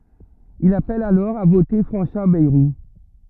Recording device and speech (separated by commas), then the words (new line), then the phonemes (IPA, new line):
rigid in-ear microphone, read sentence
Il appelle alors à voter François Bayrou.
il apɛl alɔʁ a vote fʁɑ̃swa bɛʁu